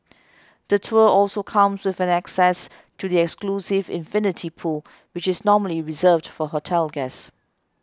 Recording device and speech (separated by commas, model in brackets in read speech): close-talking microphone (WH20), read sentence